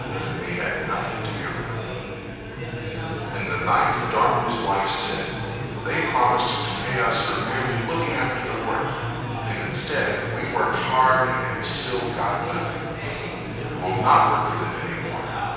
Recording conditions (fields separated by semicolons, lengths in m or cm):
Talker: one person; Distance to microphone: 7.1 m; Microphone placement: far; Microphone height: 1.7 m; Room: very reverberant, large; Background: babble